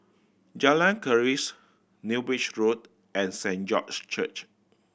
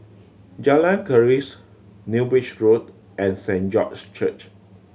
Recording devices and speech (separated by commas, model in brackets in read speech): boundary microphone (BM630), mobile phone (Samsung C7100), read sentence